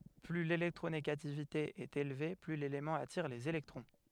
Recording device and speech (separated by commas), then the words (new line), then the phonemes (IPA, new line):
headset microphone, read sentence
Plus l'électronégativité est élevée, plus l'élément attire les électrons.
ply lelɛktʁoneɡativite ɛt elve ply lelemɑ̃ atiʁ lez elɛktʁɔ̃